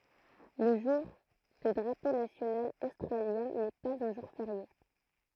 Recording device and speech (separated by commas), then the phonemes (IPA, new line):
throat microphone, read sentence
lə ʒuʁ də dʁapo nasjonal ostʁaljɛ̃ nɛ paz œ̃ ʒuʁ feʁje